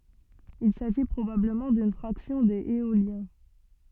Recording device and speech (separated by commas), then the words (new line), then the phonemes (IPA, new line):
soft in-ear microphone, read sentence
Il s'agit probablement d'une fraction des Éoliens.
il saʒi pʁobabləmɑ̃ dyn fʁaksjɔ̃ dez eoljɛ̃